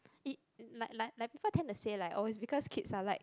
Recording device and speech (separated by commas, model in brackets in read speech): close-talking microphone, conversation in the same room